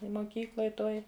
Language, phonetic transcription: Lithuanian, i moˈkykloj ˈtoj

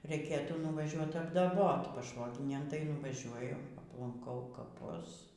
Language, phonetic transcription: Lithuanian, reiˈkėtų nuvaˈžiuot apdaˈbot paˈšvoginėj tai nuvaˈžiuoju aplanˈkau kaˈpus

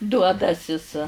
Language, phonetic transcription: Lithuanian, ˈduodasis

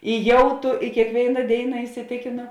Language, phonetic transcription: Lithuanian, i ˈjau tū i kėkˈvėina ˈdėina isiˈtėkėno

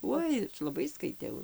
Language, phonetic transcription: Lithuanian, ˈuoj laˈbai skaitˈiau

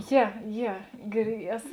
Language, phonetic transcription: Lithuanian, ˈje ˈje gir ˈeso

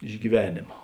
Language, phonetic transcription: Lithuanian, iš gyˈvenėma

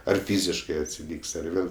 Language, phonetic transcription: Lithuanian, ar ˈfyziškɜ atsiˈlyk's' ar ˈvėl

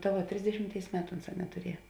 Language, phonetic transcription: Lithuanian, ta ˈva ˈtrisdešimˌtėis ˈmetu ˈunˌsā netuˈrieja

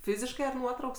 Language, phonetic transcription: Lithuanian, ˈfyziškai ar ˈnuotrauks

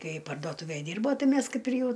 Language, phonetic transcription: Lithuanian, ˈkai pardoˈtūvæj ˈdirbo ˈtai ˈmæs ˈkaip ir ˈjau

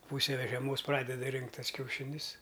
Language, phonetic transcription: Lithuanian, ˈpūse ve žeˈmos ˈpradeda ˈrinkt' ˈtas kiauˈšinius

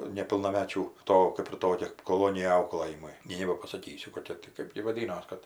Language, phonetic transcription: Lithuanian, nepilnaˈmečių ˈto kɜp ir ˈtokia koˈlonija ˈauklɘjimui ˈnei nebapasaˈkysiu koˈkia ti kɜp gi vaˈdynos ˈkad

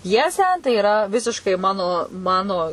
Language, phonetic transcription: Lithuanian, ˈpjesę tai iˈra ˈvisiškai ˈmano ˈmano

